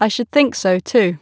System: none